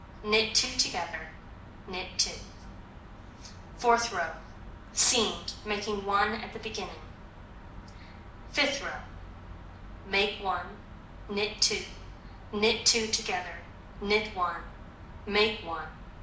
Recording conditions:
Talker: one person; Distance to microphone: 2.0 m; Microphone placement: close; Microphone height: 99 cm; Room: medium-sized (5.7 m by 4.0 m); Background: none

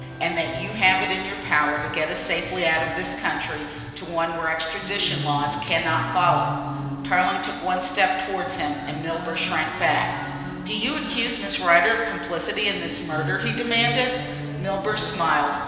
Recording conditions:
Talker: one person; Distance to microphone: 1.7 m; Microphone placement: close; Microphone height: 1.0 m; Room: very reverberant, large; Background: music

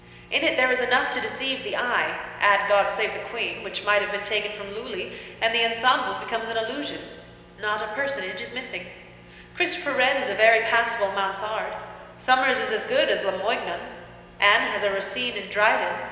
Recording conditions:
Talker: one person; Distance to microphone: 1.7 m; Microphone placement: close; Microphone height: 1.0 m; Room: very reverberant, large; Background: none

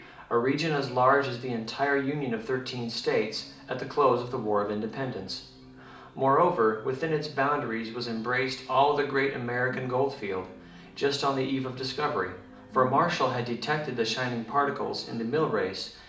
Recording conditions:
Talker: one person; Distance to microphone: 2.0 m; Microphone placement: close; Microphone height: 99 cm; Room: medium-sized (5.7 m by 4.0 m); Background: television

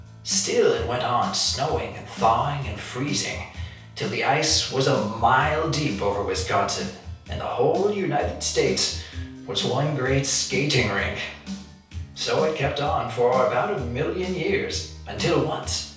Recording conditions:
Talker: one person; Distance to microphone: 3.0 m; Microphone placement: far; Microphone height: 1.8 m; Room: small (3.7 m by 2.7 m); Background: music

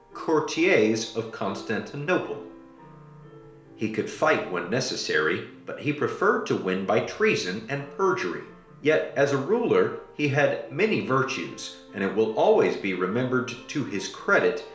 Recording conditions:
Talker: one person; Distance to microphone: 1.0 m; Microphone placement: close; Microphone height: 1.1 m; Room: small (3.7 m by 2.7 m); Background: music

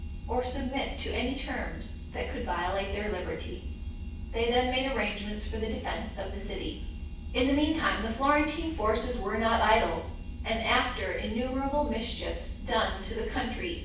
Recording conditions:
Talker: one person; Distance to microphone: 9.8 m; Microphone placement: far; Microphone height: 1.8 m; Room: large; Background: none

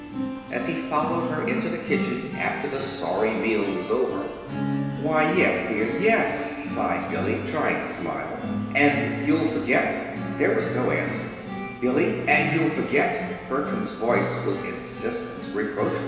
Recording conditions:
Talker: one person; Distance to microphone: 1.7 m; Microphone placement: close; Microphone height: 1.0 m; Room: very reverberant, large; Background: music

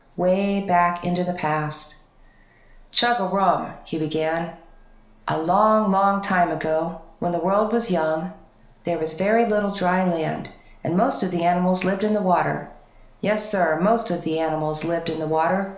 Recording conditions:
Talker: one person; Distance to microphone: 1.0 m; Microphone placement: close; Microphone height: 1.1 m; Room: small (3.7 m by 2.7 m); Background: none

